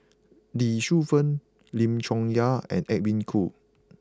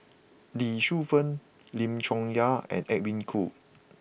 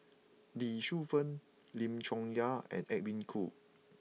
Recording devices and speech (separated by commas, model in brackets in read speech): close-talking microphone (WH20), boundary microphone (BM630), mobile phone (iPhone 6), read sentence